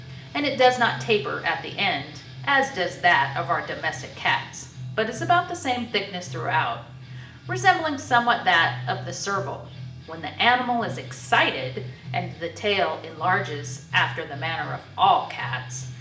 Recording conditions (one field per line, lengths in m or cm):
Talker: one person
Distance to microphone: 1.8 m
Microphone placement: close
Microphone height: 1.0 m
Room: large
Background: music